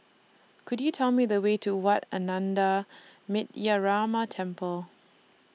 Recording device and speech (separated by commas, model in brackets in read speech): mobile phone (iPhone 6), read sentence